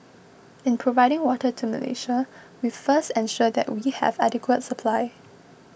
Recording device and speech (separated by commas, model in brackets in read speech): boundary microphone (BM630), read sentence